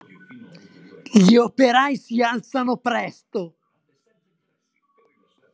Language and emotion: Italian, angry